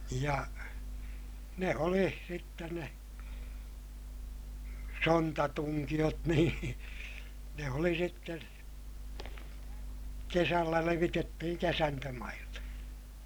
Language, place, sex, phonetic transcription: Finnish, Ilmajoki, male, ja , ne oli sitten ne , sontatuŋkiʲot niin , ne oli sitten̬ , kesällä levitettihiŋ kesäntömaille .
- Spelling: ja ne oli sitten ne sontatunkiot niin ne oli sitten kesällä levitettiin kesantomaille

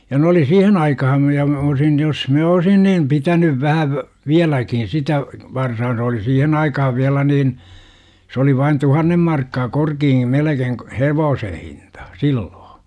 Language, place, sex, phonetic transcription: Finnish, Jurva, male, ja 'n ‿oli "siihen 'aikaham mitä mä olsin 'jos 'minä "olisin niin§ 'pitänyv 'vähäv , "viäläkin sitä , 'varsaa se oli 'siihen aikahav 'viälä niin , 's ‿oli vain "tuhannem markkaa 'korkii "melekeiŋ k- , "hevoosen̬ 'hinta , 'silloo .
- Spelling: ja ne oli siihen aikaan mitä minä olisin jos minä olisin niin pitänyt vähän vieläkin sitä varsaa se oli siihen aikaan vielä niin se oli vain tuhannen markkaa korkea melkein - hevosen hinta silloin

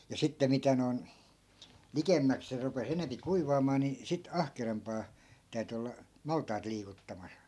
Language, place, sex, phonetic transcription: Finnish, Askola, male, ja 'sitte 'mitä noi̮n , "likemmäk 'se rupe's ‿enempi "kuivaamaa ni , 'sit "ahkerampaa , 'täyty olla , 'malt̆tait liikuttamas .
- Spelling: ja sitten mitä noin likemmäksi se rupesi enempi kuivaamaan niin sitten ahkerampaan täytyi olla maltaita liikuttamassa

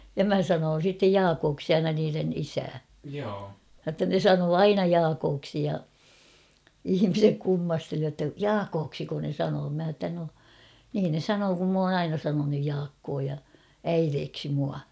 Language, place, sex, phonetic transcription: Finnish, Kauhava, female, ja "mä sanoon̬ sittej "Jaakooksi 'aina niiren 'isää , ʲotta ne 'sanoo "aina "Jaakooksi ja' "ihimisek 'kummasteli jotta » "Jaakooksiko ne 'sanoo ? « mä h̬a ‿ttä » no , niin ne "sanoo kum m ‿oon "aina sanonuj 'Jaakkoo ja , "äireeksi mua « .
- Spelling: ja minä sanoin sitten Jaakoksi aina niiden isää jotta ne sanoi aina Jaakoksi ja ihmiset kummasteli jotta Jaakoksiko ne sanoo minä sanoin että no niin ne sanoo kun minä olen aina sanonut Jaakko ja äidiksi minua

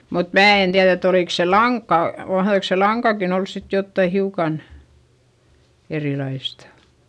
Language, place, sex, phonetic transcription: Finnish, Eurajoki, female, mut mää en tiäδ ‿et ‿olìks se laŋkka , mahδoiks se laŋkakin ‿ols sit jottai hiukan , erilaistA .
- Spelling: mutta minä en tiedä että olikos se lanka mahtoikos se lankakin olla sitten jotakin hiukan erilaista

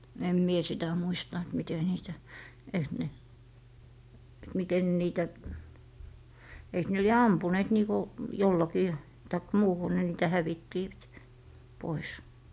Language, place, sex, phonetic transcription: Finnish, Lappee, female, em mie 'sitä muista et 'mite niitä , eiks ne , et miten (ne) niitä , eik ne 'lie "ampuneet niiko , 'jollakii , taik 'muuhu ne niitä 'häviittivät , 'pois .
- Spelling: en minä sitä muista että miten niitä eikös ne että miten ne niitä eikö ne lie ampuneet niin kuin jollakin tai muuhun ne niitä hävittivät pois

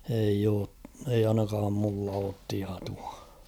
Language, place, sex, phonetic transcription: Finnish, Kauhava, male, eij ‿oo , eiʲ ‿'ainakaam mulla oot 'tiatua .
- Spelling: ei ole ei ainakaan minulla ole tietoa

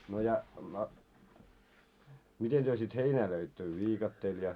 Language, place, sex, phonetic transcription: Finnish, Moloskovitsa, male, no ja no , 'miten työ sit "heinää löittö 'viikatteel ja ?
- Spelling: no ja no miten te sitten heinää löitte viikatteella ja

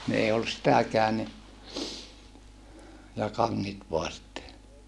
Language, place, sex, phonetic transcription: Finnish, Saarijärvi, male, ni ei ollus sitäkään ni , ja kaŋŋit voa sitte .
- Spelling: niin ei ollut sitäkään niin ja kanget vain sitten

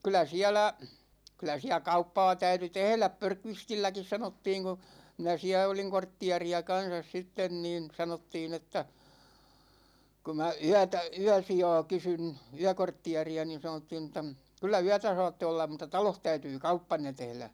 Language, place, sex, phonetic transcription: Finnish, Ikaalinen, male, 'kyl̆lä "siälä , 'kyl̆lä siä "kauppaa 'täyty "tehläp 'Pörkvistilläkis 'sanottiiŋ ku , 'minä 'siä oliŋ "korttiari₍a 'kansas 'sitten niin 'sanottiin ‿että , ku mä 'yätä , "yäsija̭a̭ 'kysyn , 'yäkorttiari₍a niin 'sanottiin ‿(että) , » 'kyllä "yätä 'saatte ollam̆ mut̆ta "taloh 'täytyy "kauppanne 'tehlä « .
- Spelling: kyllä siellä kyllä siellä kauppaa täytyi tehdä Björkvistilläkin sanottiin kun minä siellä olin kortteeria kanssa sitten niin sanottiin että kun minä yötä yösijaa kysyin yökortteeria niin sanottiin että kyllä yötä saatte olla mutta talossa täytyy kauppanne tehdä

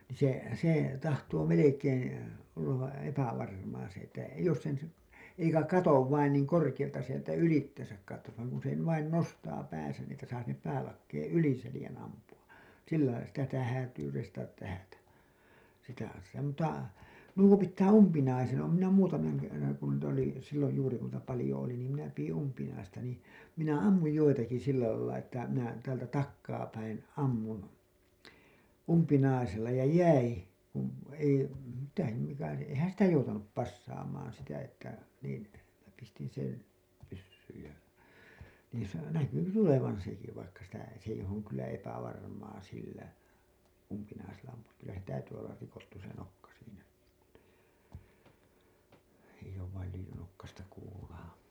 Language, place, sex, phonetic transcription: Finnish, Hailuoto, male, nii se , se , 'tahtoo 'melekeen̬ , ollav vä- , 'epävarmaa se Että , jos sen si- , eikä 'katov vain niiŋ 'korkiʲalta sieltä 'ylittesäk kattos vaⁱŋ kun se 'vain 'nostaa pääsän ni ‿että saa sinnep 'päälakkeeḛ "yli selĭjän 'ampu₍a , 'sillaila sitä sitä häätyy reistatat tähätä , sitä (ossaa) mut̆ta , "nuo pittää "umpinaisen , oom minä 'muutamaŋ kerraŋ kun niitä oli , silloj juuri kun niitä 'palĭjo oli niim minä piʲin 'umpinaista nii , minä "ammuj 'joitaki sillä lailla että minä , täältä , "takkaa päin , "ammun , "umpinaisella ja "jäi , kun , ei , mitä se , mikä se , 'eⁱhän "sitä 'joutanup "passaamaan sitä että niin , mⁱnä pistin sen , 'pyssyyj ja , niin̬ sa- , "näky se 'tulevan̬ 'seki vaikka sitä , s ‿eih ‿oŋ kyllä epävarmaa sillä , umpinaisella ampu₍ak kyllä se "täytyy ollar rikottu se nokka siinä , eiʲ ‿oov vail lyijynokkasta kuulaa .
- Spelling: niin se se tahtoo melkein olla - epävarmaa se että jos sen - eikä katso vain niin korkealta sieltä ylitsensä katsoisi vaan kun se vain nostaa päänsä niin että saa sinne päälakeen yli selän ampua sillä lailla sitä sitä häätyy reistata tähdätä sitä osaa mutta nuo pitää umpinaisen olen minä muutaman kerran kun niitä oli silloin juuri kun niitä paljon oli niin minä pidin umpinaista niin minä ammuin joitakin sillä lailla että minä täältä takaa päin ammuin umpinaisella ja jäi kun ei mitä se mikä se eihän sitä joutanut passaamaan sitä että niin minä pistin sen pyssyyn ja niin - näkyi se tulevan sekin vaikka sitä se ei on kyllä epävarmaa sillä umpinaisella ampua kyllä se täytyy olla rikottu se nokka siinä ei ole vain lyijynokkaista kuulaa

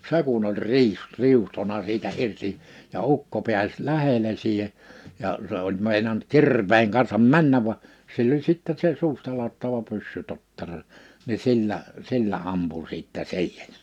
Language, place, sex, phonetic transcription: Finnish, Liperi, male, se kun ‿oĺ 'riih- , 'riuhtona 'siitä 'irti , ja 'ukko pi̬äs 'lähele siihe , ja , se ‿ol 'mèinant "kir̀veeŋ kansam "männäv va , 'sill ‿oĺ 'sìttɛɴ se 'suustalaattava 'pyssytottero , ni 'sillä , 'sillä 'ampu sìttɛ "si̬ihᴇɴ .
- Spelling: se kun oli - riuhtonut siitä irti ja ukko pääsi lähelle siihen ja se oli meinannut kirveen kanssa mennä vaan sillä oli sitten se suustaladattava pyssytottero niin sillä sillä ampui sitten siihen

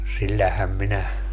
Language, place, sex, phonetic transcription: Finnish, Padasjoki, male, 'sillähäm minä , .
- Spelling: sillähän minä

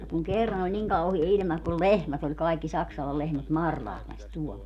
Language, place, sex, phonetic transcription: Finnish, Padasjoki, female, ja kuŋ 'kerran ‿oĺ 'niŋ 'kauhie iĺma kul "lehmät ‿oĺ kaikki 'Saksalal 'lehmät "Marlahles 'tuɔl .
- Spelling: ja kun kerran oli niin kauhea ilma kun lehmät oli kaikki Saksalan lehmät Marlahdessa tuolla

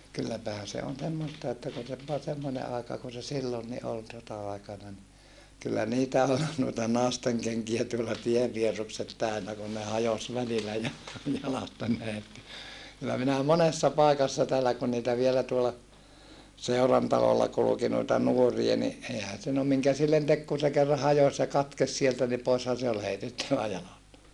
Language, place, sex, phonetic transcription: Finnish, Saarijärvi, male, kylläpähän̬ se on semmosta että kun se voa semmone aeka kun se sillonni ol sota₍aikana ni , kyllä niitä ol , nuita nàesteŋkeŋkiä tuolla tievvierrukset täönä kun ne hajos välilä ja - , jalasta (neät) , kyllä minä monessa pàikassa täällä kun niitä vielä tuola , seurantalolla kuluki noita nuoria ni , eihän̬ se no miŋkä sillen tek kun̬ se kerra hajos ja katkes sieltä ni poishan̬ se ol heitettävä jalasta .
- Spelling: kylläpähän se on semmoista että kun se vain semmoinen aika kun se silloinkin oli sota-aikana niin kyllä niitä oli noita naistenkenkiä tuolla tienvierukset täynnä kun ne hajosi välillä - jalasta näet kyllä minä monessa paikassa täällä kun niitä vielä tuolla seurantalolla kulki noita nuoria niin eihän se no minkä sille teki kun se kerran hajosi ja katkesi sieltä niin poishan se oli heitettävä jalasta

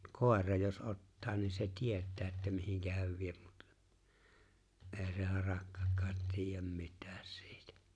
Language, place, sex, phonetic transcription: Finnish, Lapinlahti, male, mut 'kòera jos '’ottaa ni se "tiet̀ää että 'mihiŋkä häv 'viep Mᴜt , '’e̬e̬ se 'harakkakkaat tiijäm 'mit̀ᴀ̈ᴀ̈ sɪɪtᴀ̈ .
- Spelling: mutta koira jos ottaa niin se tietää että mihin hän vie mutta ei se harakkakaan tiedä mitään siitä

